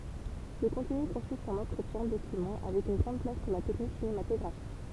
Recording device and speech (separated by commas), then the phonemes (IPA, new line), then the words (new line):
temple vibration pickup, read sentence
lə kɔ̃tny kɔ̃sist ɑ̃n ɑ̃tʁətjɛ̃ dokymɑ̃ avɛk yn ɡʁɑ̃d plas puʁ la tɛknik sinematɔɡʁafik
Le contenu consiste en entretiens, documents, avec une grande place pour la technique cinématographique.